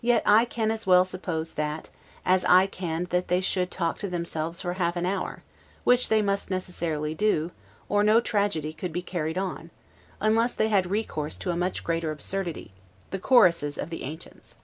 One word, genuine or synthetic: genuine